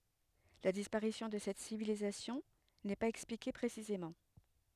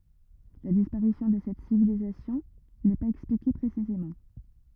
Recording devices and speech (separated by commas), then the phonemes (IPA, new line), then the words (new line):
headset microphone, rigid in-ear microphone, read sentence
la dispaʁisjɔ̃ də sɛt sivilizasjɔ̃ nɛ paz ɛksplike pʁesizemɑ̃
La disparition de cette civilisation n'est pas expliquée précisément.